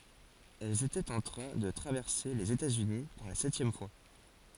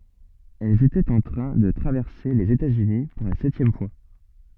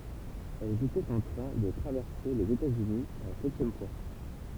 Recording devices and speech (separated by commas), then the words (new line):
forehead accelerometer, soft in-ear microphone, temple vibration pickup, read sentence
Elle était en train de traverser les États-Unis pour la septième fois.